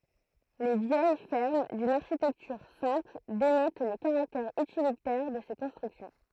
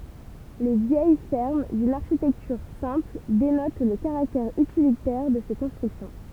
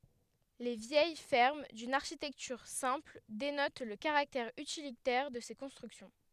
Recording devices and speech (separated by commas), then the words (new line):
throat microphone, temple vibration pickup, headset microphone, read sentence
Les vieilles fermes, d'une architecture simple, dénotent le caractère utilitaire de ces constructions.